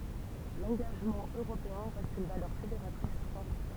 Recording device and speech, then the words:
temple vibration pickup, read sentence
L'engagement européen reste une valeur fédératrice forte.

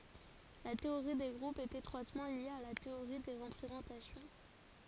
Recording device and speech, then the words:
forehead accelerometer, read sentence
La théorie des groupes est étroitement liée à la théorie des représentations.

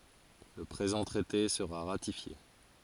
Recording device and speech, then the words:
forehead accelerometer, read sentence
Le présent traité sera ratifié.

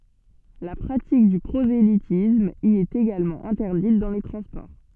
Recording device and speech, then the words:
soft in-ear microphone, read sentence
La pratique du prosélytisme y est également interdite dans les transports.

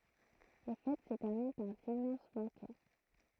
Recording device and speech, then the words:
throat microphone, read sentence
Les fêtes se terminent par d'immenses banquets.

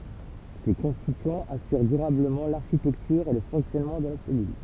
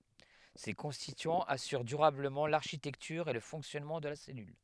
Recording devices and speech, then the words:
temple vibration pickup, headset microphone, read sentence
Ces constituants assurent durablement l'architecture et le fonctionnement de la cellule.

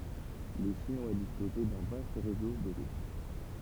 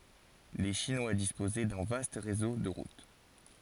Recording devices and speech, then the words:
temple vibration pickup, forehead accelerometer, read sentence
Les Chinois disposaient d'un vaste réseau de routes.

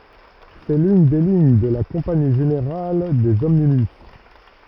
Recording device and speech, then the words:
rigid in-ear microphone, read sentence
C'est l'une des lignes de la Compagnie générale des omnibus.

